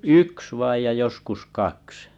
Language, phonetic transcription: Finnish, yks vaij ja 'joskus 'kaks .
- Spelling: yksi vain ja joskus kaksi

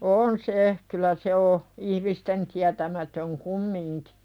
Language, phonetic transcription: Finnish, on se , 'kylä se o , 'ihmisten tiätämätöŋ "kummiŋkɪ .
- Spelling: on se kyllä se on ihmisten tietämätön kumminkin

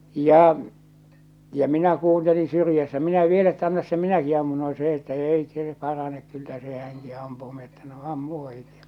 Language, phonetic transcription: Finnish, jà , ja 'minä kuuntelin̬ syrjässä 'minä 'viel että » 'annas se "minäki ammun « no se ‿että "èi 'see 'paranek 'kyllä 'se "häŋki ampuu mi ‿että no » 'ammu ohittᴇ « ja .
- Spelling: ja ja minä kuuntelin syrjässä minä vielä että anna se minäkin ammun no se että ei se parane kyllä se hänkin ampuu minä että no ammu ohitse ja

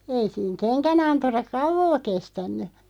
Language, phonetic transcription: Finnish, 'ei siiŋ "keŋkä'nanturaᵏ "kauvoo 'kestän̆ny .
- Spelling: ei siinä kengänanturat kauaa kestänyt

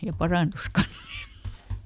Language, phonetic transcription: Finnish, ja ˈparàntus "kans (ni e) .
- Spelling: ja parantui kanssa niin -

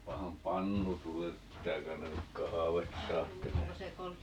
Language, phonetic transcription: Finnish, 'paaham "pannu 'tulellep - 'pittää ('käy₍än nyk) "kahavetta 'aattelee .
- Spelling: panehan pannu tulelle pitää käydä nyt kahvia ajattelemaan

